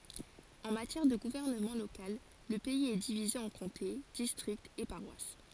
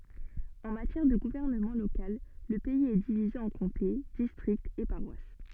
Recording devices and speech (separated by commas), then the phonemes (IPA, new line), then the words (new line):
forehead accelerometer, soft in-ear microphone, read sentence
ɑ̃ matjɛʁ də ɡuvɛʁnəmɑ̃ lokal lə pɛiz ɛ divize ɑ̃ kɔ̃te distʁiktz e paʁwas
En matière de gouvernement local, le pays est divisé en comtés, districts et paroisses.